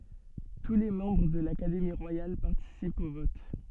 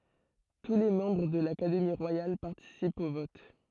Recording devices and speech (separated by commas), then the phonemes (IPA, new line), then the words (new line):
soft in-ear microphone, throat microphone, read sentence
tu le mɑ̃bʁ də lakademi ʁwajal paʁtisipt o vɔt
Tous les membres de l'Académie royale participent au vote.